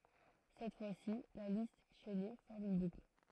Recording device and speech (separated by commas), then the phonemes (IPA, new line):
throat microphone, read sentence
sɛt fwasi la list ʃɛne fɔʁm yn bukl